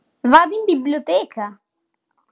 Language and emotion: Italian, happy